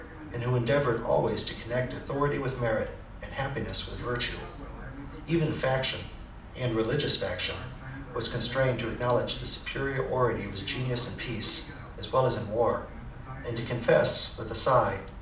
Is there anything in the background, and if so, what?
A television.